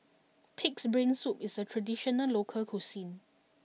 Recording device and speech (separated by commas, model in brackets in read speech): mobile phone (iPhone 6), read sentence